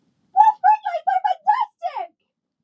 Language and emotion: English, surprised